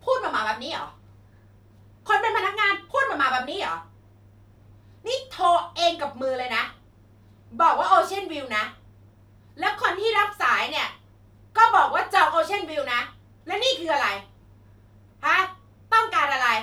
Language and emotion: Thai, angry